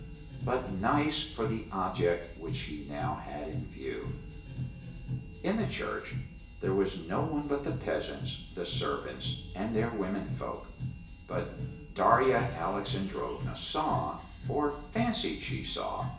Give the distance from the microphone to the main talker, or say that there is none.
1.8 m.